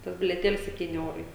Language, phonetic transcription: Lithuanian, ˈtas bilieˈtėlis sepˈtyni ˈeurai

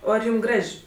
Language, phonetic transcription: Lithuanian, ˈo ar ˈjūm ˈgraž'

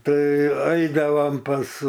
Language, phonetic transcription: Lithuanian, ˈtai ˈaidavam pas

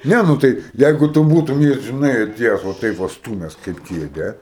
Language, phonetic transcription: Lithuanian, ˈne ˈnu tai ˈjeigu tu ˈbūtum ˈjį žiˈnai aˈtiejes va ˈtaip va ˈstūmes kaip ˈkėdę

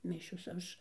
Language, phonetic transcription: Lithuanian, ˈmišios ˈaš

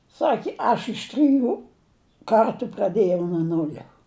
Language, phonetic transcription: Lithuanian, ˈsaki ˈaš iš ˈtriˈjų ˈkartu praˈdėjau nu ˈnulia

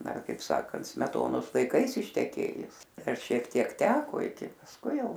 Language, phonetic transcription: Lithuanian, ˈdar kaip ˈsakant smeˈtonos laiˈkais išteˈkėjus ˈdar šiek ˈtiek ˈteko iki pasˈkui ˈjau

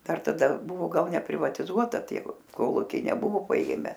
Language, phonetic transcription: Lithuanian, ˈdar taˈda ˈbuvo ˈgal neprivatiˈzuota ˈtie ˈkolukiai neˈbuvo paˈėme

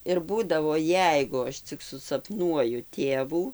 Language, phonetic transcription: Lithuanian, ir ˈbūdavo ˈjeigu ˈaš cik susapˈnuoju ˈtėvų

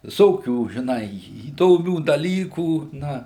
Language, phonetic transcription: Lithuanian, viˈsokių žiˈnai įdoˈmių daˈlykų ˈna

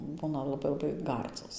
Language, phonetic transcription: Lithuanian, ˈbūna laˈbai laˈbai ˈgardzos

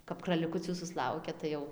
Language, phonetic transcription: Lithuanian, kap kraliˈkucių susˈlaukia ˈtai jau

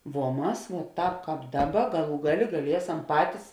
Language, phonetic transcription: Lithuanian, vuo ˈmas vuoˈtāp ˈkāp ˈdaˌba ˈgaˌlų ˈgaˌlė gaˈliesam ˈpatis

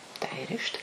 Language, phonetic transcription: Lithuanian, da įˈrišt

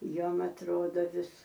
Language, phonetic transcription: Lithuanian, ˈjuom atˈrodo ˈvis

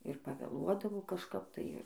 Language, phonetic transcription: Lithuanian, ir pavėˈluodavo kažˈkap tai ˈir

